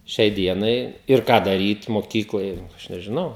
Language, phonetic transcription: Lithuanian, ˈšiai ˈdienai ir ˈką daˈryt moˈkykloj ˈaš nežiˈnau

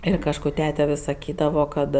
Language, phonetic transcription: Lithuanian, ˈir kažˈkų ˈtete vis saˈkydavo ˈkad

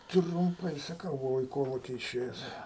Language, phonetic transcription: Lithuanian, trumˈpai saˈkau buˈvau i ˈkoluki iˈšėjes

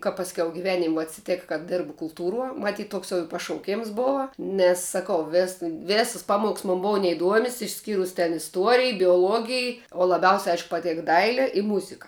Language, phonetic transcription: Lithuanian, ka pasˈkiau giˈvenim' vuo atsiˈtėk ka ˈdirbu kulˈtūruo maˈtyt ˈtoks i jau pašauˈkėms ˈbova ˈnes saˈkau ves ˈvėsas ˈpaˌmoks mon ˈbou neiˈduomias išˈskyrus ten isˈtuorij bioˈluogij o laˈbiausia ˈaišk paˈtėk ˈdaile i ˈmuzika

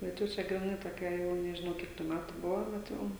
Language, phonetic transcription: Lithuanian, bet ˈjau čia griˈnai toˈkia ˈjau nežiˈnau ˈkiek tų ˈmætu ˈbuvo bet ˈjau

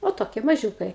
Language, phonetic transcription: Lithuanian, o ˈtokie maˈžiūkai

